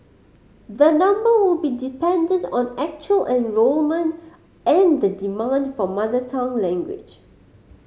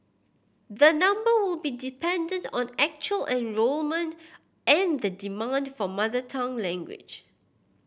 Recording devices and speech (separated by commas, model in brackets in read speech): mobile phone (Samsung C5010), boundary microphone (BM630), read sentence